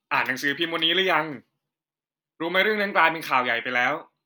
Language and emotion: Thai, neutral